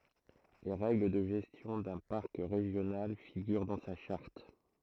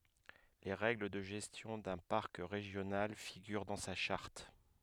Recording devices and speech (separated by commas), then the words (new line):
throat microphone, headset microphone, read sentence
Les règles de gestion d'un parc régional figurent dans sa charte.